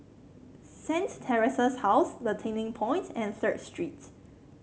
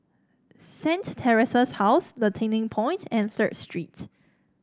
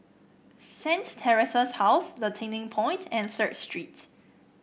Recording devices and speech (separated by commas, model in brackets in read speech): mobile phone (Samsung C7), standing microphone (AKG C214), boundary microphone (BM630), read sentence